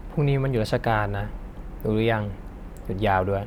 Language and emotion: Thai, neutral